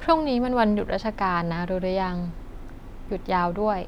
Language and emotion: Thai, neutral